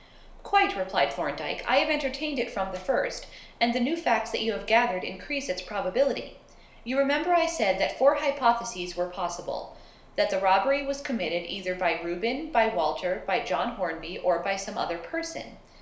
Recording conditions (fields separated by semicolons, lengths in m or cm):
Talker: one person; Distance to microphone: 1.0 m; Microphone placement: close; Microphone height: 1.1 m; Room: small (3.7 m by 2.7 m); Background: none